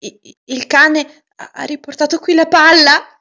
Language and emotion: Italian, fearful